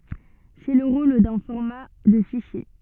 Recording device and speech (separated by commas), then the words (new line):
soft in-ear microphone, read sentence
C'est le rôle d'un format de fichier.